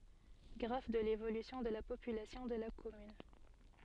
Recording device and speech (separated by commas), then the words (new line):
soft in-ear microphone, read sentence
Graphe de l'évolution de la population de la commune.